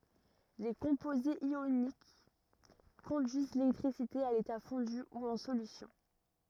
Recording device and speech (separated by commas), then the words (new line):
rigid in-ear microphone, read sentence
Les composés ioniques conduisent l'électricité à l'état fondu ou en solution.